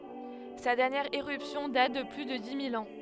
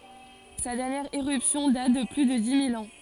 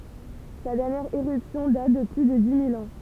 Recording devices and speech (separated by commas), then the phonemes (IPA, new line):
headset microphone, forehead accelerometer, temple vibration pickup, read sentence
sa dɛʁnjɛʁ eʁypsjɔ̃ dat də ply də di mil ɑ̃